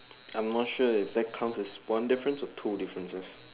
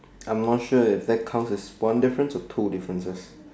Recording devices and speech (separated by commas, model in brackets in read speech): telephone, standing microphone, conversation in separate rooms